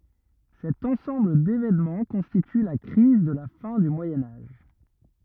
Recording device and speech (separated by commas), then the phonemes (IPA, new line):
rigid in-ear microphone, read sentence
sɛt ɑ̃sɑ̃bl devenmɑ̃ kɔ̃stity la kʁiz də la fɛ̃ dy mwajɛ̃ aʒ